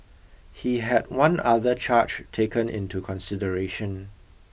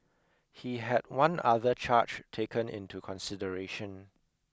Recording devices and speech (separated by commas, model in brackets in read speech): boundary microphone (BM630), close-talking microphone (WH20), read sentence